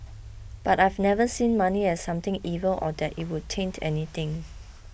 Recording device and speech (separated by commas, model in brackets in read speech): boundary microphone (BM630), read sentence